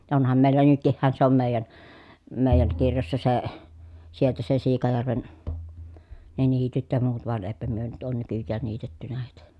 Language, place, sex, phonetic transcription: Finnish, Pielisjärvi, female, ja onham mèillä nytkihhän se om mèi̮jän , mèi̮jäŋ kirjossa se , sieltä se Siikajärven , ne niityt ja muut voan èi̮pä myö nyt oon nykyjjään niitettynä hèitä .
- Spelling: ja onhan meillä nytkinhän se on meidän meidän kirjoissa se sieltä se Siikajärven ne niityt ja muut vaan eipä me nyt ole nykyään niitetty heitä

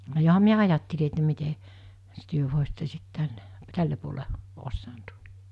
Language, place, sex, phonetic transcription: Finnish, Mikkeli, female, joham miä 'ajatteli että mite , -s työ vòesitte sit 'tänne , 'tälle puole , 'ossaant .
- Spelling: johan minä ajattelin että miten - te voisitte sitten tänne tälle puolen osannut

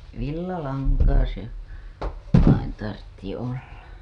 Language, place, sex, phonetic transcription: Finnish, Hailuoto, female, 'villalaŋkaa se , vain tartti olla .
- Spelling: villalankaa se vain tarvitsi olla

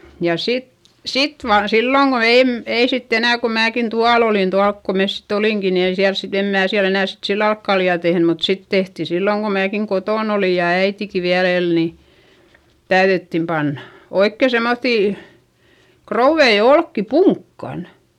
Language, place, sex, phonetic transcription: Finnish, Eurajoki, female, ja sit , sit vaan silloŋ Go - èm , ei sitt ‿enä̀ ko määkin tual ‿olin tualk ko mes sit ‿olìŋki ni ei siäls sit - em mää siäl ‿enä̀ sit sillal olk kaljà tehny mut sit tehti silloŋ ko määkiŋ kotòn ‿olì ja äitiki viäl ‿el ni , täyδyttim pannA , oikke semmoϑϑì , krouvvei olkki puŋkkan .
- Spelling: ja sitten sitten vain silloin kun en ei sitten enää kun minäkin tuolla olin tuolla kun me sitten olimmekin niin ei siellä sitten en minä siellä enää sitten sillä lailla ole kaljaa tehnyt mutta sitten tehtiin silloin kun minäkin kotona olin ja äitikin vielä eli niin täydyttiin panna oikein semmoisia krouveja olkia punkkaan

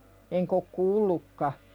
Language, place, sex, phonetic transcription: Finnish, Pälkäne, female, eŋk ‿ok "kuullukka .
- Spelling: enkä ole kuullutkaan

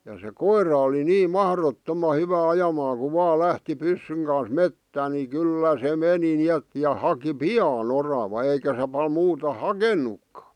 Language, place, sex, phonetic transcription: Finnish, Vihti, male, ja se "koir̀a oli "nii "mahrottoma hyvä ajamaaŋ ku 'vaa 'lähti 'pyssyŋ kan̬s "mettän ni "kỳllä se meni ni'et , ja 'haki "pi₍aa'n ‿orava eikä se pal muuta "hakennukkᴀ .
- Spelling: ja se koira oli niin mahdottoman hyvä ajamaan kun vain lähti pyssyn kanssa metsään niin kyllä se meni niin että ja haki pian oravan eikä se paljon muuta hakenutkaan

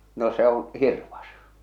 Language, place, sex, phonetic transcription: Finnish, Salla, male, no se oo̰ , 'hirvas .
- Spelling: no se on hirvas

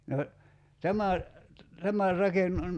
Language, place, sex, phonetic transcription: Finnish, Kerimäki, male, no , 'tämä , 'tämäⁱr raken- ,.
- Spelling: no tämä tämä -

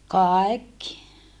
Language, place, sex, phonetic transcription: Finnish, Saarijärvi, female, kàekki .
- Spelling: kaikki

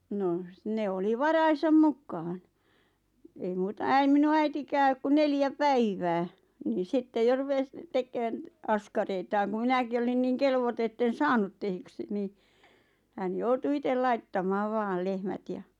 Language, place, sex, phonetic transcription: Finnish, Lappajärvi, female, 'noh s- 'ne oli "varaisam 'mukkaʿʰʾan , ei 'muuta 'äi- "minu äitikääk (ok) ku 'neljä "päivää , nii "sitte 'jo 'rupes , "tekköön , "askareitaaŋ ku "mi-näki olin 'niiŋ "kelvoto etten "saanut tehyksi 'nii , hän 'joutu "itel 'laittamaaᵛ 'vaal "lehmät ʲa ,.
- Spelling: no - ne oli varojensa mukaan ei muuta - minun äitikään ole kuin neljä päivää niin sitten jo rupesi tekemään askareitaan kun minäkin olin niin kelvoton että en saanut tehdyksi niin hän joutui itse laittamaan vain lehmät ja

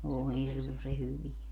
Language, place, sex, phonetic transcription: Finnish, Padasjoki, female, oo "hirmuse 'hyvie .
- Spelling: oo hirmuisen hyviä

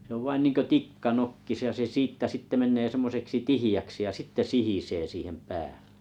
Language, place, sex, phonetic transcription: Finnish, Kalajoki, male, se ov 'vain 'niŋkö "tikka 'nokkis ja se 'siittä sitte 'men̆nee 'semmoseksi "tihi₍äksi ja "sitte 'sihisee 'siihem "pääʟᴇ .
- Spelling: se on vain niin kuin tikka nokkisi ja se siitä sitten menee semmoiseksi tiheäksi ja sitten sihisee siihen päälle

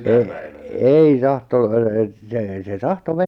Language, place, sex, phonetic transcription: Finnish, Lappajärvi, male, e- , "ei 'tahto- , e- se , se 'tahto 'me- - -.
- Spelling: - ei - - se se tahtoi -

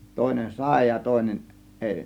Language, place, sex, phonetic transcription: Finnish, Kiihtelysvaara, male, 'tòėnen "sàė ja tòėnen , 'ˀèi .
- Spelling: toinen sai ja toinen ei

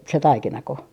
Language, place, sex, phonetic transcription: Finnish, Artjärvi, female, se "taikinako ?
- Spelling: se taikinako

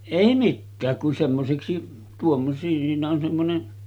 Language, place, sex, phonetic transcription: Finnish, Sotkamo, male, 'èi "mikkääk kun semmoseksi , tuom- siinä on semmone ,.
- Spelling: ei mikään kun semmoiseksi - siinä on semmoinen

